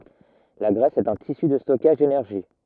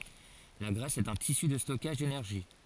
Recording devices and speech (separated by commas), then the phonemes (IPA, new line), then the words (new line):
rigid in-ear microphone, forehead accelerometer, read sentence
la ɡʁɛs ɛt œ̃ tisy də stɔkaʒ denɛʁʒi
La graisse est un tissu de stockage d'énergie.